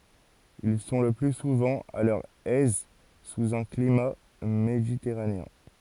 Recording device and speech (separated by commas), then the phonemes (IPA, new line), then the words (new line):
forehead accelerometer, read sentence
il sɔ̃ lə ply suvɑ̃ a lœʁ ɛz suz œ̃ klima meditɛʁaneɛ̃
Ils sont le plus souvent à leur aise sous un climat méditerranéen.